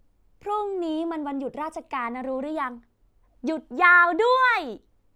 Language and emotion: Thai, happy